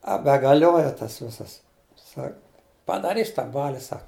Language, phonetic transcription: Lithuanian, a begaˈlioja tas ˈvisas ˈsak padaˈrys tą ˈbali ˈsak

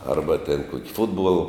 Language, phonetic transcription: Lithuanian, ˈarba ten ˈkuoki ˈfutbuol

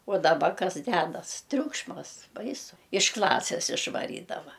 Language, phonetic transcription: Lithuanian, o daˈba ˈkas ˈdedas ˈtriukšmas ˈbaisu iš ˈklasės išvaˈrydava

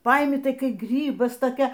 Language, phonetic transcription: Lithuanian, ˈpaimi ˈtai ˈkai ˈgrybas toˈkia

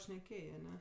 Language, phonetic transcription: Lithuanian, šneˈkėjė aˈne

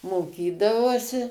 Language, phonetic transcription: Lithuanian, moˈkydavausi

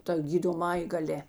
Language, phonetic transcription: Lithuanian, ta gydoˈmąjė gaˈlė

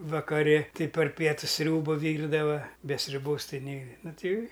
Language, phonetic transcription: Lithuanian, vakaˈri ˈtɨ par ˈpietus ˈsriūba ˈvyrdava be sriuˈbos ˈtai ˈnei ˈnu ˈtai

